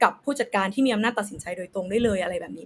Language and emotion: Thai, neutral